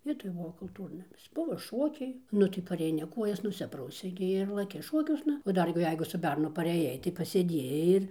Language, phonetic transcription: Lithuanian, ˈvietoj ˈbuvo kulˈtūrnamis ˈbuvo ˈšokiai ˈnu tai pareiˈni ˈkuojas nuˈsiprausei gi ir laˈki ˈšokiuosna o ˈdar gi ˈjeigu su ˈbernu pareˈjai tai pasėˈdiejai ir

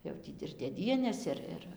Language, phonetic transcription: Lithuanian, jau ˈtį ir dėˈdienės ˈir ˈir

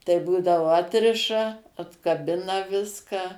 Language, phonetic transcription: Lithuanian, tai ˈbūdavo ˈatriša atkaˈbina ˈviską

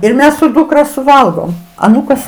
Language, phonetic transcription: Lithuanian, ir ˈmes su ˈdūkra suˈvalgom aˈnūkas

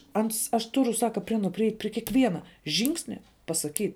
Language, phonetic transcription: Lithuanian, ˈans aš ˈturu ˈsaka pri ˈanuo priˈeit' pri kieˈkviena ˈžingsnia pasaˈkyt'

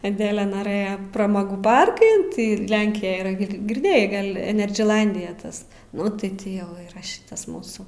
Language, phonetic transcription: Lithuanian, aˈdele naˈrɘja praˈmogų ˈparkan tai ˈlenkijaj yˈra gi girˈdėjai ˈgal' enerdžiˈnaldija ˈtas ˈnu tai ˈti ˈjau yˈra ˈšitas ˈmūsų

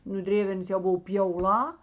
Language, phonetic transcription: Lithuanian, nu ˈdrėvernas jau ˈbuvo pjauˈlā

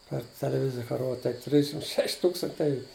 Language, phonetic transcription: Lithuanian, par teleˈvizija ka ˈrod tai ˈtrišim ˈšeš' ˈtūkstantei

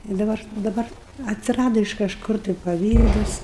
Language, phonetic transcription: Lithuanian, i daˈbar daˈbar atsiˈrado iš kažˈkur tai paˈvydas

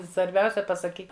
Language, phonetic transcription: Lithuanian, svarˈbiausia pasaˈkyk

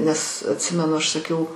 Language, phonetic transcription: Lithuanian, nes atˈsimenu ˈaš saˈkiau

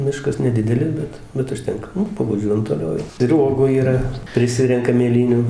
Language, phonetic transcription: Lithuanian, ˈmiškas neˈdidelis ˈbet ˈbet užˈtenka ˈnu pavaˈžiuojam toˈliau jau ir ˈuogų yˈra priˈsirenkam mėˈlynių

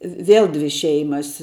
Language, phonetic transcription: Lithuanian, vi ˈvėl ˈdvi ˈšeimas

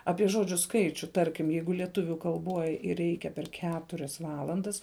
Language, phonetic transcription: Lithuanian, ˈapie ˈžodžiu ˈskaičiu ˈtarkim ˈjeigu lieˈtuviu kalˈboj ˈreikia per ˈketurias ˈvalandas

